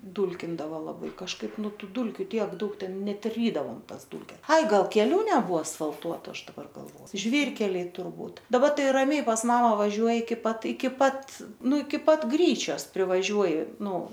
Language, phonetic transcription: Lithuanian, ˈdūlkindavo laˈbai kažˈkaip ˈnu ˈtų ˈdulkiu ˈtiek ˈdaug ˈten ˈnet ˈrydavom ˈtas ˈdūlkes ˈai ˈgal keˈlių neˈbuo asfalˈtuotu ˈaš daˈbar galˈvo ˈžvyrkeliai turˈbūt daˈba ˈtai raˈmiai pas ˈmama vaˈžiuoji iki ˈpat iki ˈpat ˈnu iki ˈpat ˈgryčios privaˈžiuoji ˈnu

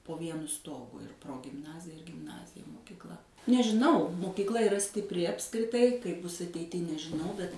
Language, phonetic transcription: Lithuanian, po ˈvienu ˈstogu ir progimˈnazija ir gimˈnazija mokikˈla nežiˈnau mokykˈla yˈra stipˈri apskriˈtai kaip ˈbus ateiˈty nežiˈnau bet

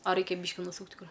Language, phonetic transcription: Lithuanian, a ˈreikia ˈbyški nuˈsūkt' ˈkur

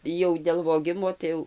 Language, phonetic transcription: Lithuanian, jau dėl voˈgimo tai ˈjau

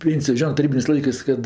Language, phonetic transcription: Lithuanian, ˈpėnsijo ˈžionɜ taˈrybinės' ˈlaikɜs ˈkad

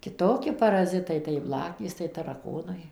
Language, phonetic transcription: Lithuanian, kiˈtoki paraˈzitai tai ˈblakės tai taraˈkonai

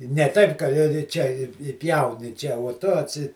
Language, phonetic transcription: Lithuanian, ne ˈtaip ka i ˈčia i i ˈpjauni ˈčia uo tu atˈsi

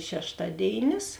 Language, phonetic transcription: Lithuanian, šešˈtaˌdėinis

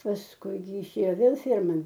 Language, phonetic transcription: Lithuanian, pasˈkui jiˈšėjo ˈvėl ˈferman

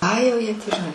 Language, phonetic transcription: Lithuanian, ˈai jau ˈjie tį žiˈnai

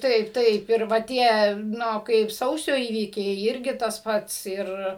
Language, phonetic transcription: Lithuanian, ˈtaip ˈtaip ir ˈva ˈtie ˈnu ˈkaip ˈsausio ˈįvykiai ˈirgi tas ˈpats ˈir

